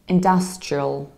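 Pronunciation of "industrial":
'industrial' is said in an American accent, with the stress on the 'dus' syllable and a reduced ending.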